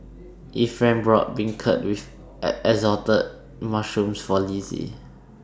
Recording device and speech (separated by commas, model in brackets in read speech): standing microphone (AKG C214), read sentence